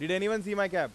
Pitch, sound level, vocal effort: 200 Hz, 97 dB SPL, loud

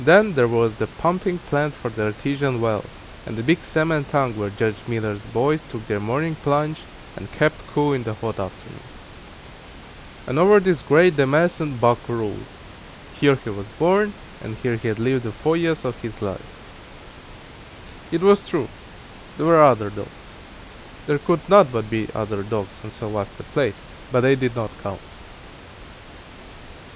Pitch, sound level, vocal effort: 115 Hz, 84 dB SPL, loud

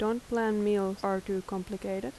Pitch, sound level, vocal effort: 195 Hz, 81 dB SPL, soft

